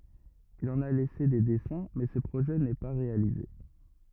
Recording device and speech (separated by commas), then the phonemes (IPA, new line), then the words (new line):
rigid in-ear microphone, read sentence
il ɑ̃n a lɛse de dɛsɛ̃ mɛ sə pʁoʒɛ nɛ pa ʁealize
Il en a laissé des dessins mais ce projet n'est pas réalisé.